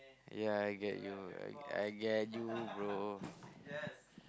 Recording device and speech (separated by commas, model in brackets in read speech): close-talking microphone, conversation in the same room